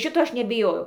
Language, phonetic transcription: Lithuanian, ˈšito ˈaš nebiˈjojau

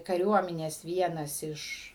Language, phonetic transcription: Lithuanian, kaˈriuomenės ˈvienas ˈiš

